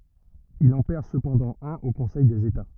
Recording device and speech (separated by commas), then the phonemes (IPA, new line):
rigid in-ear microphone, read sentence
il ɑ̃ pɛʁ səpɑ̃dɑ̃ œ̃n o kɔ̃sɛj dez eta